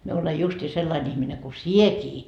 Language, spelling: Finnish, minä olen justiin sellainen ihminen kuin sinäkin
- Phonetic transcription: mie olej justii 'sellain ihmine ku "siekii .

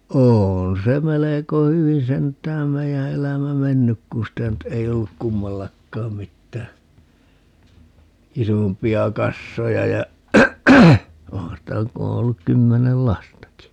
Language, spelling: Finnish, on se melko hyvin sentään meidän elämä mennyt kun sitä nyt ei ollut kummallakaan mitään isompia kassoja ja onhan sitä kun on ollut kymmenen lastakin
- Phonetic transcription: 'oon se 'meleko 'hyvi 'sent̀ääm 'meijä 'elämä "mennyk 'kuṵ sitä nyt 'ei olluk "kummallakkaam 'mittää , "isompi₍a 'kassoja ja , 'ohaa̰ sitä 'ku o olluk 'kymmenel "lastaki .

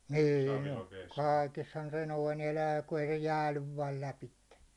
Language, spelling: Finnish, niin on kaikessahan se noin elää kun ei se jäädy vain lävitse
- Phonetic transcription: nîn̬ ‿ᴏ 'kaikeshan se 'noin 'elää ku ei se "jäälyv vaal 'läpitte .

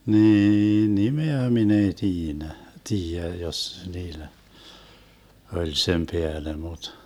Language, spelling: Finnish, niin nimeä minä ei - tiedä jos niillä oli sen päälle mutta
- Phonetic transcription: 'niiin "nimeä min ‿ei 'tiinä , 'tiijä 'jos niilä , 'oĺ sem "peäle mut .

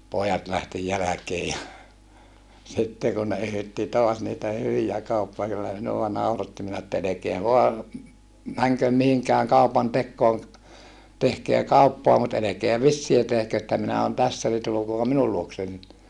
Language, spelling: Finnish, pojat lähti jälkeen ja sitten kun ne yhytti taas niitä hyviä - kyllä minua nauratti minä että älkää vain menkö mihinkään kaupantekoon tehkää kauppaa mutta älkää vissiä tehkö että minä olen tässä niin tulkaapa minun luokseni
- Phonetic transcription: poojat lähti jäläkee ja , sitte kun ne yhytti toas niitä hyvijä kauppa - kyllä minuwa nauratti minä että » elekeä voa , mäŋköm mihiŋkääŋ kaupantekkooŋ , tehkeä kauppoa mut elekeä vissiä tehkö että minä on tässä ni tulukoap minul luoksen » .

